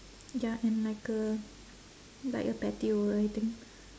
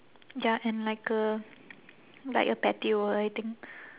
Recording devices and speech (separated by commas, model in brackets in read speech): standing microphone, telephone, conversation in separate rooms